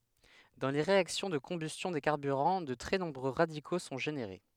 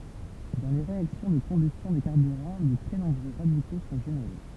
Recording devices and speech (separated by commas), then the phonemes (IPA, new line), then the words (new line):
headset microphone, temple vibration pickup, read sentence
dɑ̃ le ʁeaksjɔ̃ də kɔ̃bystjɔ̃ de kaʁbyʁɑ̃ də tʁɛ nɔ̃bʁø ʁadiko sɔ̃ ʒeneʁe
Dans les réactions de combustion des carburants, de très nombreux radicaux sont générés.